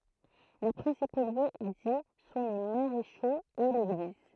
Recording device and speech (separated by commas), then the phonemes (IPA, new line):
throat microphone, read sentence
le pʁɛ̃sipo ljø di sɔ̃ le maʁeʃoz e leɡliz